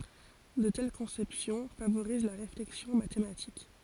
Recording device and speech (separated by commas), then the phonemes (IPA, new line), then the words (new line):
forehead accelerometer, read sentence
də tɛl kɔ̃sɛpsjɔ̃ favoʁiz la ʁeflɛksjɔ̃ matematik
De telles conceptions favorisent la réflexion mathématique.